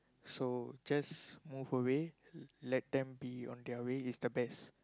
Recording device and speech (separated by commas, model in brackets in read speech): close-talking microphone, conversation in the same room